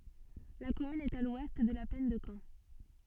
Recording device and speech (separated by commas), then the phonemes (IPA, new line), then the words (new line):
soft in-ear microphone, read sentence
la kɔmyn ɛt a lwɛst də la plɛn də kɑ̃
La commune est à l'ouest de la plaine de Caen.